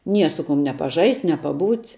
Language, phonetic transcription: Lithuanian, ˈnie ˈsu ˌkum ne paˈžaist' ne paˈbūt'

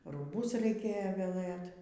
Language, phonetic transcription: Lithuanian, rūˈbus raiˈkėjo veˈlɘt

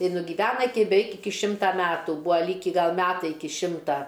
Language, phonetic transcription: Lithuanian, i nugyˈvena ˈiki beˈveik ˈiki ˈšimta ˈmetų ˈbūa ˈlyki ˈgal ˈmetai ˈiki ˈšimta

